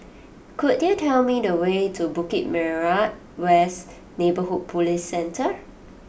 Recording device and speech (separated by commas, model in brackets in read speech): boundary microphone (BM630), read sentence